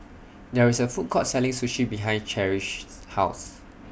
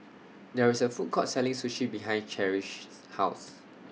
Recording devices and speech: boundary microphone (BM630), mobile phone (iPhone 6), read sentence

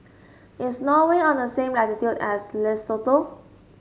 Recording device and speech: mobile phone (Samsung S8), read sentence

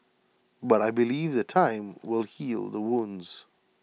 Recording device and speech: mobile phone (iPhone 6), read sentence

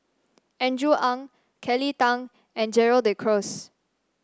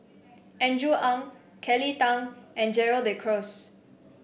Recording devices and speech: standing microphone (AKG C214), boundary microphone (BM630), read sentence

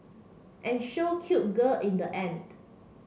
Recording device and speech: mobile phone (Samsung C7), read sentence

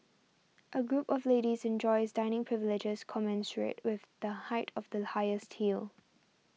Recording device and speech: mobile phone (iPhone 6), read sentence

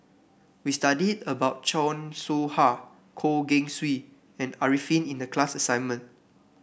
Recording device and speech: boundary microphone (BM630), read sentence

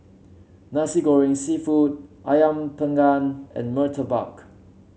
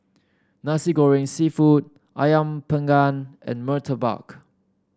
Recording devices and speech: mobile phone (Samsung C7), standing microphone (AKG C214), read sentence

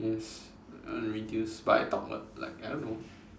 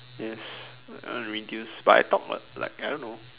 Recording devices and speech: standing microphone, telephone, conversation in separate rooms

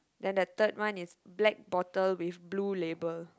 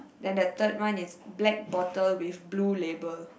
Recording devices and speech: close-talking microphone, boundary microphone, conversation in the same room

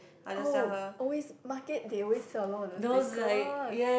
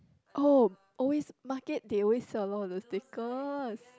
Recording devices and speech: boundary microphone, close-talking microphone, conversation in the same room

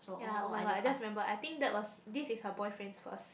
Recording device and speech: boundary microphone, conversation in the same room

